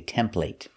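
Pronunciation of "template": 'template' is said the way it is said in England, not the American way with the eh sound.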